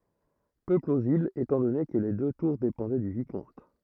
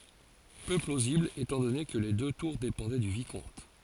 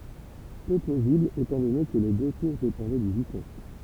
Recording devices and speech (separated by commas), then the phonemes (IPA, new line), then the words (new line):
throat microphone, forehead accelerometer, temple vibration pickup, read sentence
pø plozibl etɑ̃ dɔne kə le dø tuʁ depɑ̃dɛ dy vikɔ̃t
Peu plausible étant donné que les deux tours dépendaient du Vicomte.